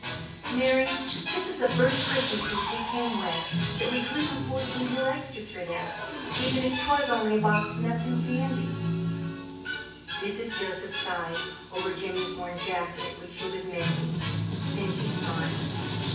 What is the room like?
A sizeable room.